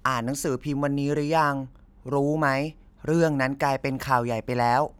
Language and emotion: Thai, neutral